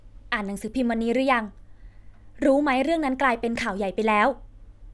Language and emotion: Thai, neutral